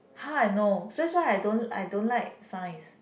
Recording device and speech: boundary microphone, conversation in the same room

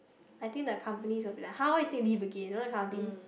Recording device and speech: boundary microphone, conversation in the same room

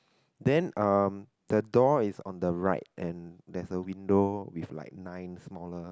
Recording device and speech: close-talking microphone, conversation in the same room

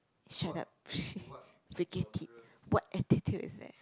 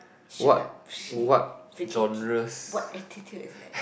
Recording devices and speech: close-talking microphone, boundary microphone, conversation in the same room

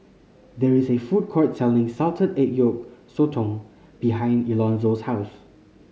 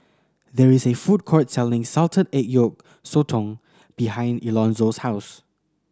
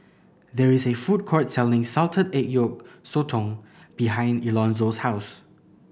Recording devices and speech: mobile phone (Samsung C5010), standing microphone (AKG C214), boundary microphone (BM630), read sentence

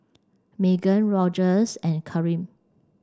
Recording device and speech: standing microphone (AKG C214), read sentence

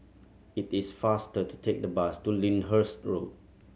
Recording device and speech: mobile phone (Samsung C7100), read sentence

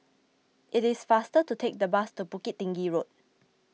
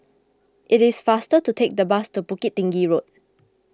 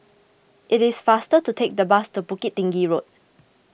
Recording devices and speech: mobile phone (iPhone 6), close-talking microphone (WH20), boundary microphone (BM630), read sentence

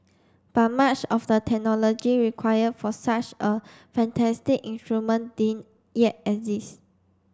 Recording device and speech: standing microphone (AKG C214), read sentence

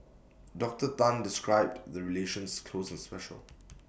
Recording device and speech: boundary microphone (BM630), read sentence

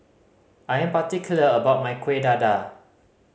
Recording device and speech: mobile phone (Samsung C5010), read sentence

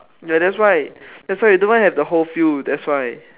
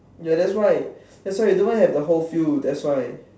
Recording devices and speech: telephone, standing microphone, conversation in separate rooms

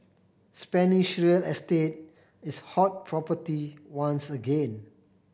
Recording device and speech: boundary microphone (BM630), read sentence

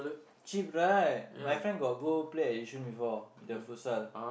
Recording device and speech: boundary microphone, conversation in the same room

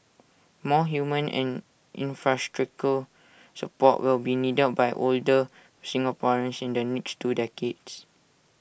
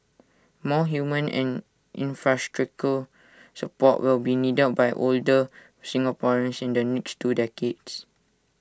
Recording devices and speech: boundary microphone (BM630), standing microphone (AKG C214), read sentence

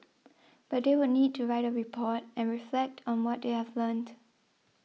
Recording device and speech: mobile phone (iPhone 6), read sentence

